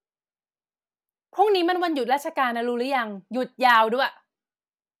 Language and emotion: Thai, angry